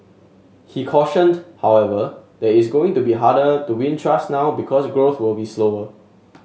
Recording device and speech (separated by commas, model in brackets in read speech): mobile phone (Samsung S8), read sentence